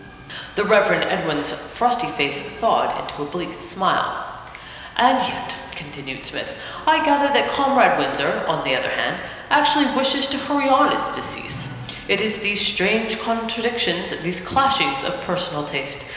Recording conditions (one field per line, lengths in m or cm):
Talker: one person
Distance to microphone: 1.7 m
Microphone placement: close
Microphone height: 1.0 m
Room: very reverberant, large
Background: music